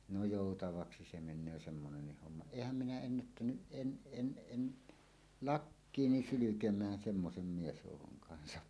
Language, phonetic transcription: Finnish, no 'jòutavaksi se men̆nöö "semmonennih 'homma , "èihäm minä 'ennättänyˀ "ˀen 'ˀen 'ˀen , "lakkiini "sylykem̀ään 'semmosem 'miesjòukoŋ kansa .
- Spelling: no joutavaksi se menee semmoinen homma enhän minä ennättänyt en en en lakkiini sylkemään semmoisen miesjoukon kanssa

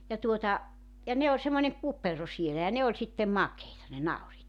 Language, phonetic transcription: Finnish, ja 'tuota , ja 'ne oĺ semmońeŋ 'kupero sielä ja 'ne oĺ sittem "makeita ne 'nauriit .
- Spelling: ja tuota ja ne oli semmoinen kupero siellä ja ne oli sitten makeita ne nauriit

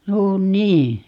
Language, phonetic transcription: Finnish, 'no "nii .
- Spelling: no niin

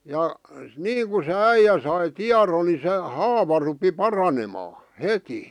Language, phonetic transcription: Finnish, 'ja , "niiŋku se "äijä sai "tiaron ni se 'haava rupi "paranemaa , "heti .
- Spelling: ja niin kuin se äijä sai tiedon niin se haava rupesi paranemaan heti

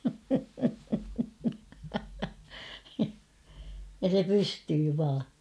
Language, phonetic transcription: Finnish, ja se 'pystyy vaa .
- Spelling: ja se pystyy vain

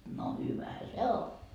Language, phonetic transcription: Finnish, no 'hyvähä "se 'o .
- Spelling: no hyvähän se on

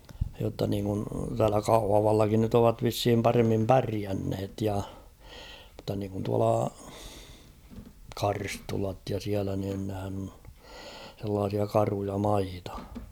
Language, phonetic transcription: Finnish, jotta niiŋkun täälä "Kauhavallakin nyt ovat vishim 'paremmim "päriänhet ja , mᵘztta niŋkun tuala , "Karstulat ja 'siälä niin nehän ‿on , sellaasia "karuja 'maita .
- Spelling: jotta niin kuin täällä Kauhavallakin nyt ovat vissiin paremmin pärjänneet ja mutta niin kuin tuolla Karstulat ja siellä niin nehän on sellaisia karuja maita

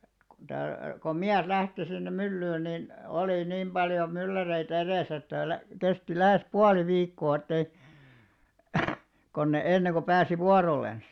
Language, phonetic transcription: Finnish, kon tää- , kom 'miäs 'lähti sinnem̆ 'myllyyn nin , olì 'nim ʙaljo , 'mylläreitᵃ̈ 'erèsä että lä- , 'kesti 'lähes "puali 'viikkoo ettei , kon ne enneŋko 'pääsi "vuaroilens .
- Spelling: kun - kun mies lähti sinne myllyyn niin oli niin paljon mylläreitä edessä että - kesti lähes puoli viikkoa että ei kun ne ennen kuin pääsi vuorollensa

